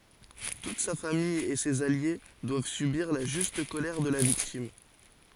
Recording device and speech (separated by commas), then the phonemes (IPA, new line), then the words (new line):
forehead accelerometer, read sentence
tut sa famij e sez alje dwav sybiʁ la ʒyst kolɛʁ də la viktim
Toute sa famille et ses alliés doivent subir la juste colère de la victime.